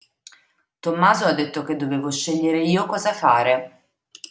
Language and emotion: Italian, neutral